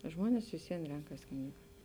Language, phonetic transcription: Lithuanian, ˈžmuones vis ˈvien ˈrenkas ˈknyga

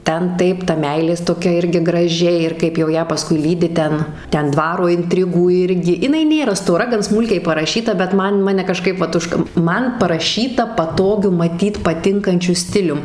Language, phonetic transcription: Lithuanian, ˈten ˈtaip ta ˈmeilės toˈkia ˈirgi graˈži ir kaip jau ˈją paˈskui ˈlydi ˈten ˈten ˈdvaro inˈtrigų ˈirgi jiˈnai ˈnėra stoˈra gan ˈsmūlkiai paraˈšyta bet ˈman ˈmane kaˈžkaip ˈvat ˈužka ˈman paraˈšyta paˈtogiu maˈtyt paˈtinkančiu ˈstilium

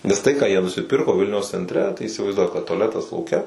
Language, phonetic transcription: Lithuanian, ˈnes tai ką jie nusiˈpirko ˈvilniaus centˈre tai įsivaizˈduok kad tuaˈletas lauˈke

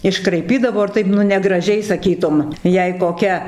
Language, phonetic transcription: Lithuanian, iškraiˈpydavo ir ˈtaip nu negraˈžiai saˈkytum ˈjei koˈkia

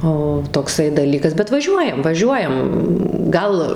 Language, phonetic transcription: Lithuanian, ˈo tokˈsai daˈlykas bet vaˈžiuojam vaˈžiuojam ˈgal

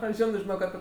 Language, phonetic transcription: Lithuanian, ˈoi ˈžino žiˈnok aˈpi

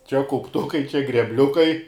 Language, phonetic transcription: Lithuanian, čia kaupˈtukai čia grebˈliukai

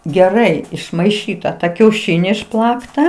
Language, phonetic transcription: Lithuanian, geˈrai išmaiˈšyta ta kiauˈšini išˈplakta

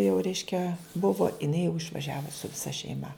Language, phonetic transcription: Lithuanian, jau ˈreiškia ˈbuvo iˈnai jau išvaˈžiavu su viˈsa šeiˈma

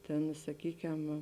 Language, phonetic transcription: Lithuanian, ˈtėn saˈkykem

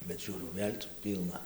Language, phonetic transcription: Lithuanian, bet ˈžiūriau ˈvėl' cia ˈpylna

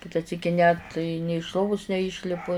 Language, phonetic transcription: Lithuanian, ˈkita ˈsyki net ni iš ˈlovus neˈyšlipu

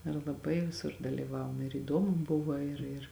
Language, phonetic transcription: Lithuanian, ir laˈbai viˈsur dalyˈvavom ir įˈdomu ˈbuva ir ir

